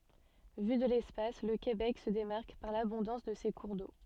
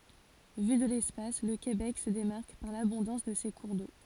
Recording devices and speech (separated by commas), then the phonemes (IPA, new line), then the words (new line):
soft in-ear microphone, forehead accelerometer, read sentence
vy də lɛspas lə kebɛk sə demaʁk paʁ labɔ̃dɑ̃s də se kuʁ do
Vu de l'espace, le Québec se démarque par l'abondance de ses cours d'eau.